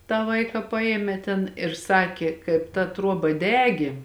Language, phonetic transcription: Lithuanian, tą ˈvaiką ˈpajėmė ten ir ˈsakė ˈkaip ta ˈtruoba ˈdegė

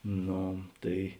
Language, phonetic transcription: Lithuanian, ˈno ˈtai

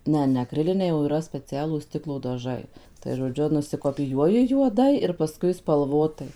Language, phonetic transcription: Lithuanian, ˈne ne akˈriliniai o yˈra speˈcialūs ˈstiklo daˈžai tai žoˈdžiu nusikopiˈjuoji juoˈdai ir paˈskui spalˈvotai

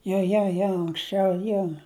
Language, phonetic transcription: Lithuanian, jo jo ˈjo anksˈčiau ˈjo

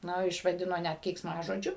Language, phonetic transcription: Lithuanian, ˈnu išvaˈdino ˈnæt keiksˈmažodžiu

